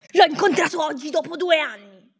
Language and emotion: Italian, angry